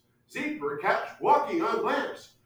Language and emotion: English, happy